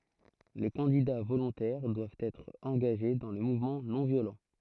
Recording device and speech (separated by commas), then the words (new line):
throat microphone, read sentence
Les candidats volontaires doivent être engagés dans le mouvement non-violent.